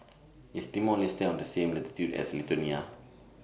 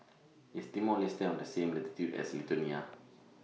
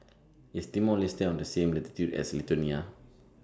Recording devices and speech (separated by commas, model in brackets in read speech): boundary microphone (BM630), mobile phone (iPhone 6), standing microphone (AKG C214), read sentence